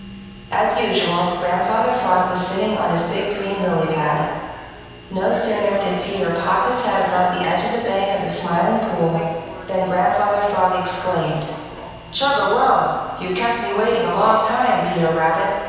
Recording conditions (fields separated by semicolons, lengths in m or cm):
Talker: one person; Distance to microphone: 7.1 m; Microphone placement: far; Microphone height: 1.7 m; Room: very reverberant, large; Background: television